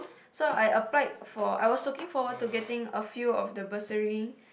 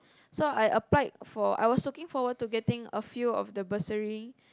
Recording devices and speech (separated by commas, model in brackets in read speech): boundary microphone, close-talking microphone, conversation in the same room